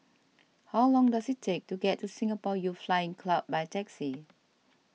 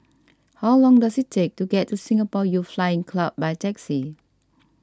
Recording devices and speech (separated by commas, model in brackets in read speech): mobile phone (iPhone 6), standing microphone (AKG C214), read sentence